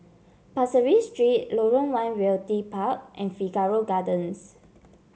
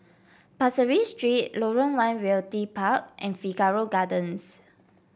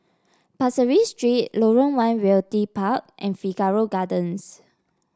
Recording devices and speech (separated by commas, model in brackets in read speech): mobile phone (Samsung C7), boundary microphone (BM630), standing microphone (AKG C214), read sentence